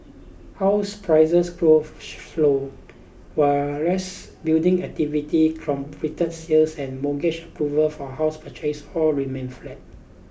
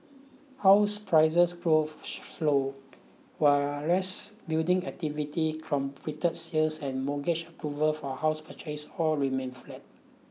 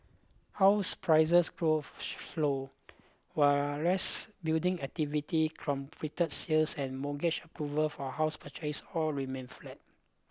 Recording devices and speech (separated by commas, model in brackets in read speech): boundary microphone (BM630), mobile phone (iPhone 6), close-talking microphone (WH20), read sentence